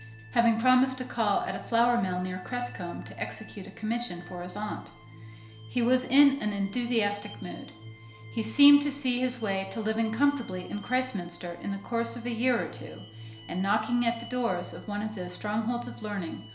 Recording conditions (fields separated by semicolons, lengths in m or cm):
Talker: one person; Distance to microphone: 1.0 m; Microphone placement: close; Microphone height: 1.1 m; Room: small (3.7 m by 2.7 m); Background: music